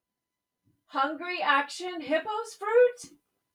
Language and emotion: English, surprised